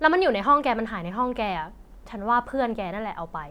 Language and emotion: Thai, angry